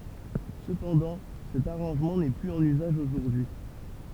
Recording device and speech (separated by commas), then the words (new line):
temple vibration pickup, read sentence
Cependant, cet arrangement n'est plus en usage aujourd'hui.